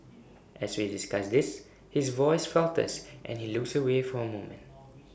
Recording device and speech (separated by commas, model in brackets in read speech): boundary microphone (BM630), read sentence